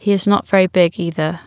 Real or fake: real